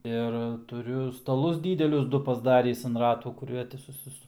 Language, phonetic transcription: Lithuanian, ir tuˈriu staˈlus ˈdydelius ˈdu pasˈdarįs an ˈratų kuˈrie ti suˈsi

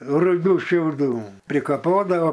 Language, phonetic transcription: Lithuanian, ruˈgių šiauˈdų prikaˈpodavo

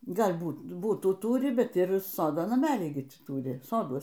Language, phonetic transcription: Lithuanian, ˈgal' ˈbūt ˈbutų ˈtūri ˈbet ir ˈsodo naˈmelį ˈgi ˈtį ˈtūri ˈsoduos

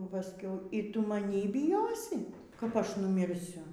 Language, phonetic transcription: Lithuanian, paˈskiau y ˈtu maˈnį biˈjosi kap ˈaš numirˈsiu

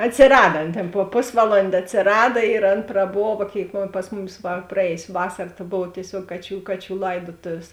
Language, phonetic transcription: Lithuanian, atsiˈrada ˈan tėn po ˈposvaˌlondė atsiˈrada ir ˈan praˈbova ˈkėik ˈpas muˌmis va praˈėjus' ˈvasar ta ˈbov tieˈsiuog ˈkaˌčių ˈkaˌčių ˈlaidotovės

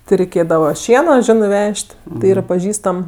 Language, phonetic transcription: Lithuanian, ti reiˈkėdava ˈšieno ˈžinɜ ˈvež't' ti ˈyra paˈžįstam

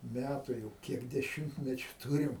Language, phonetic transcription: Lithuanian, ˈmætu jau ˈkiek deˈšimtmečiu ˈtūrim

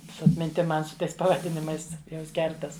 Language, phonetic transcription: Lithuanian, su atminˈtim ˈman su ˈtais pavaˈdinimais ˈjums ˈkertas

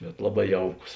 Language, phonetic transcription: Lithuanian, bet ˈlaˌbā ˈjauˌkus

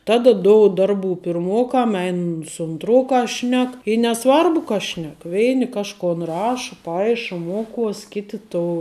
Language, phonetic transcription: Lithuanian, ˈtada ˈdoud ˈdarˌbų pirˈmokam ˈein su unˈtrokas ˈšnek i neˈsvarbu ka ˈšnek ˈveini ˈkažkon ˈraša ˈpaiša ˈmuoˌkuos ˈkiti to

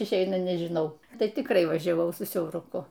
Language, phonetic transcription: Lithuanian, išˈeina nežiˈnau ˈtai tikˈrai važiaˈvau su siauruˈku

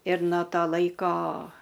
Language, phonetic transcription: Lithuanian, ir no ˈto ˈlaiko

